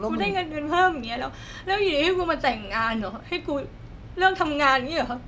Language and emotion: Thai, sad